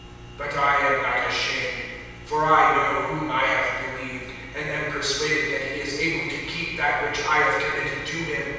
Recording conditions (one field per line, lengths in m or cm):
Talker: one person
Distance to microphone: 7.1 m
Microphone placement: far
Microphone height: 1.7 m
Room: very reverberant, large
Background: none